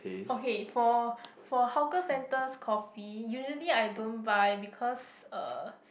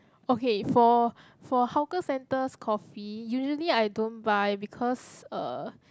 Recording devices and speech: boundary microphone, close-talking microphone, conversation in the same room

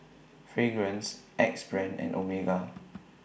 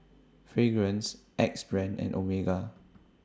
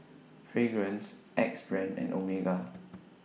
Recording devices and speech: boundary microphone (BM630), standing microphone (AKG C214), mobile phone (iPhone 6), read sentence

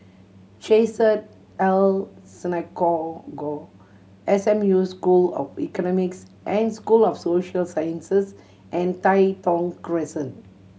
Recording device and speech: mobile phone (Samsung C7100), read sentence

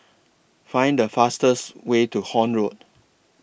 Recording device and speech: boundary microphone (BM630), read sentence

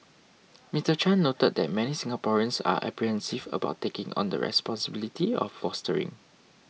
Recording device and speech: mobile phone (iPhone 6), read sentence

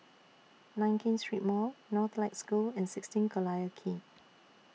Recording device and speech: mobile phone (iPhone 6), read sentence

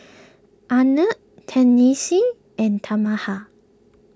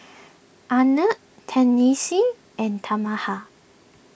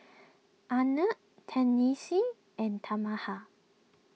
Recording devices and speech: close-talking microphone (WH20), boundary microphone (BM630), mobile phone (iPhone 6), read sentence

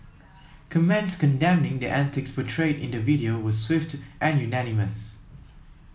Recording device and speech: mobile phone (iPhone 7), read sentence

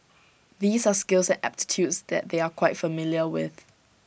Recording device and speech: boundary microphone (BM630), read sentence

